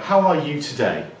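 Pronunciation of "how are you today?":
In 'how are you today?', the voice goes upwards, as in a question.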